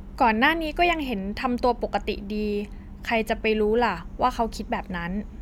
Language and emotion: Thai, neutral